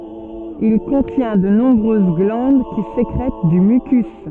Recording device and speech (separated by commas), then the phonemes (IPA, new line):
soft in-ear microphone, read sentence
il kɔ̃tjɛ̃ də nɔ̃bʁøz ɡlɑ̃d ki sekʁɛt dy mykys